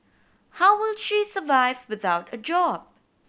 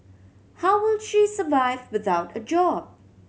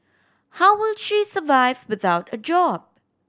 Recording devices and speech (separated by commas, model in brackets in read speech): boundary microphone (BM630), mobile phone (Samsung C7100), standing microphone (AKG C214), read sentence